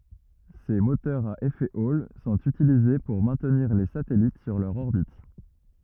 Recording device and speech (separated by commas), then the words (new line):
rigid in-ear microphone, read sentence
Ces moteurs à effet Hall sont utilisés pour maintenir les satellites sur leur orbite.